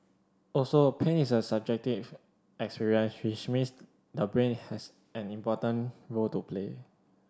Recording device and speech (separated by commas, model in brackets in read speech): standing microphone (AKG C214), read sentence